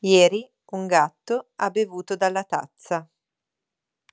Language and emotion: Italian, neutral